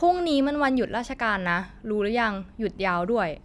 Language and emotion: Thai, neutral